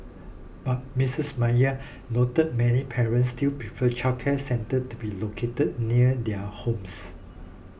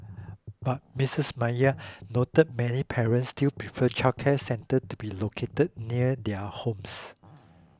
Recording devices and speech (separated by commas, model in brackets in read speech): boundary microphone (BM630), close-talking microphone (WH20), read sentence